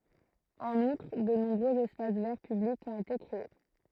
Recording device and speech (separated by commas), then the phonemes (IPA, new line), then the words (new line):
throat microphone, read sentence
ɑ̃n utʁ də nɔ̃bʁøz ɛspas vɛʁ pyblikz ɔ̃t ete kʁee
En outre, de nombreux espaces verts publics ont été créés.